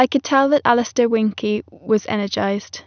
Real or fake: real